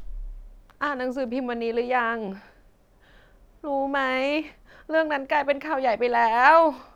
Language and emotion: Thai, sad